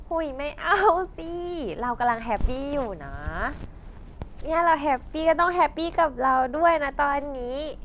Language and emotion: Thai, happy